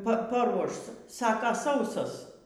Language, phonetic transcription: Lithuanian, ˈpa paˈruoš ˈsaka ˈsausos

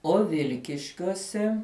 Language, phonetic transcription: Lithuanian, o ˈvilkiškiuose

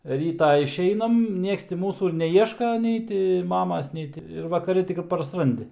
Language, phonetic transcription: Lithuanian, ˈrytą išˈeinam ˈnieks ti ˈmūsų ir neˈieška ˈnei ti ˈmamas ˈnei ti ir vakaˈri ˈtik i parsˈrandi

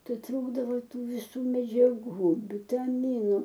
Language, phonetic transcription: Lithuanian, ˈtai ˈtrūkdavo ˈtų viˈsų medžiaˈgų vitaˈminu

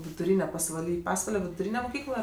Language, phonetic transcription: Lithuanian, viduˈryne pasvaˈly ˈpasvale viduˈryne muˈkykla

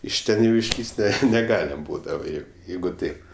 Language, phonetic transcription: Lithuanian, iš ˈten jau išˈlįs't' ˈne neˈgaliam ˈbūdava jau ˈjeigu ˈtaip

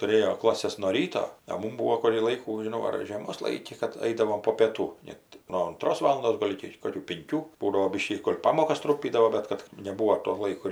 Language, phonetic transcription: Lithuanian, tuˈrėjo ˈklases nuo ˈryto a ˈmum ˈbūo kurį ˈlaikų žiˈnau ar žėˈmos ˈlaiki kad ˈaidavom po pieˈtų ˈnet no unˈtros ˈvalundos ˈgol' iki ˈkokių pinˈkių ˈbūdavo ˈbyškį gol' ˈpamokas ˈtrumpydavo ˈbet kad neˈbūo to ˈlaiko

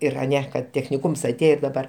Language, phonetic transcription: Lithuanian, ˈir aˈne kad techniˈkūms aˈtėjo ir daˈbar

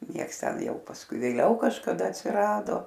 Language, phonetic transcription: Lithuanian, ˈnieks ˈten ˈjau pasˈkui vėˈliau kažkaˈda atsiˈrado

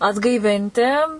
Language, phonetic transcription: Lithuanian, atgaiˈvinti

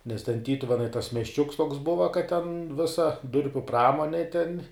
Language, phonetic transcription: Lithuanian, nes ten ˈtytuvenai tas miesˈčiuks toks ˈbuva kad ten ˈvisa ˈdurpiu ˈpramonė ten

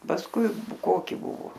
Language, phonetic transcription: Lithuanian, pasˈkui ˈkoki ˈbuvo

